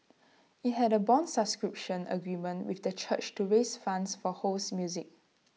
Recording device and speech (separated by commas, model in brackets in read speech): mobile phone (iPhone 6), read sentence